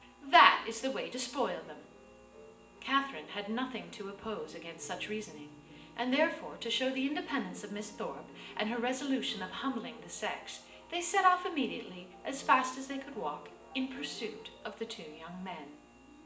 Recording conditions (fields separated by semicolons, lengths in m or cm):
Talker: one person; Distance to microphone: 1.8 m; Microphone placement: close; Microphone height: 1.0 m; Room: large; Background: music